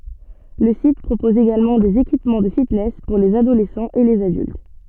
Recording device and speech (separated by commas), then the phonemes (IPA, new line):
soft in-ear microphone, read sentence
lə sit pʁopɔz eɡalmɑ̃ dez ekipmɑ̃ də fitnɛs puʁ lez adolɛsɑ̃z e lez adylt